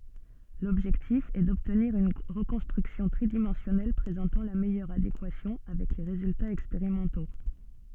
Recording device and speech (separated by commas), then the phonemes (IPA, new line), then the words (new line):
soft in-ear microphone, read sentence
lɔbʒɛktif ɛ dɔbtniʁ yn ʁəkɔ̃stʁyksjɔ̃ tʁidimɑ̃sjɔnɛl pʁezɑ̃tɑ̃ la mɛjœʁ adekwasjɔ̃ avɛk le ʁezyltaz ɛkspeʁimɑ̃to
L'objectif est d'obtenir une reconstruction tridimensionnelle présentant la meilleure adéquation avec les résultats expérimentaux.